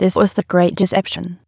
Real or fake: fake